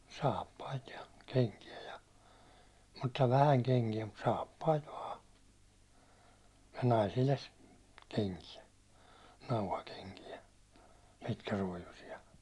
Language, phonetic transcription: Finnish, 'saappait ja , 'keŋki₍ä ja , mutta 'vähäŋ keŋki₍ä mut 'saappait vaa , (ja) 'naisille s(itten) 'keŋki₍ä , 'nauhakeŋki₍ä , 'pitkäruåjusi₍a .
- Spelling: saappaita ja kenkiä ja mutta vähän kenkiä mutta saappaita vain ja naisille sitten kenkiä nauhakenkiä pitkäruojuisia

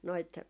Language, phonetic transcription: Finnish, noit ,.
- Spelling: noita

